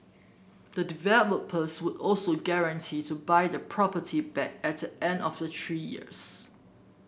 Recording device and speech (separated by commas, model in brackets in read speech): boundary microphone (BM630), read sentence